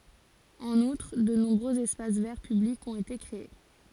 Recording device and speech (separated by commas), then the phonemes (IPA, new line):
forehead accelerometer, read sentence
ɑ̃n utʁ də nɔ̃bʁøz ɛspas vɛʁ pyblikz ɔ̃t ete kʁee